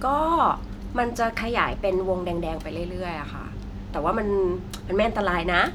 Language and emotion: Thai, neutral